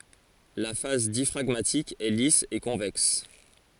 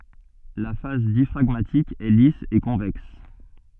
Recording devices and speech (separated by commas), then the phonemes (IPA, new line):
forehead accelerometer, soft in-ear microphone, read sentence
la fas djafʁaɡmatik ɛ lis e kɔ̃vɛks